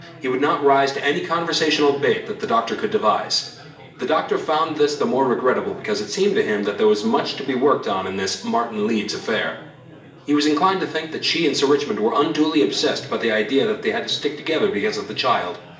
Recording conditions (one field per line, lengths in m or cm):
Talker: one person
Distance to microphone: 1.8 m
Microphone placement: close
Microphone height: 1.0 m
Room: large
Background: babble